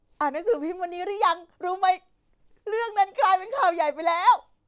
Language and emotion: Thai, happy